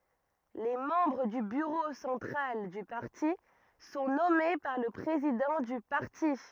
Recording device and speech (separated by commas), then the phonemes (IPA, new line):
rigid in-ear microphone, read sentence
le mɑ̃bʁ dy byʁo sɑ̃tʁal dy paʁti sɔ̃ nɔme paʁ lə pʁezidɑ̃ dy paʁti